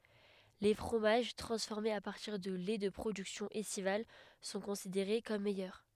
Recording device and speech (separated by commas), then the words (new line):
headset microphone, read sentence
Les fromages transformés à partir de laits de productions estivales sont considérés comme meilleurs.